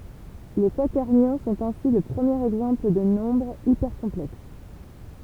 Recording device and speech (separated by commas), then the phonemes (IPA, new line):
temple vibration pickup, read sentence
le kwatɛʁnjɔ̃ sɔ̃t ɛ̃si lə pʁəmjeʁ ɛɡzɑ̃pl də nɔ̃bʁz ipɛʁkɔ̃plɛks